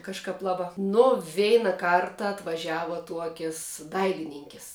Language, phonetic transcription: Lithuanian, kažˈkap ˈlaˌbā nu ˈveina ˈkarta atvaˈžiava ˈtuokis ˈdailininkis

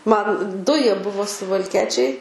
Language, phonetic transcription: Lithuanian, ˈman ˈdu ˈjie ˈbuvo suvalˈkiečiai

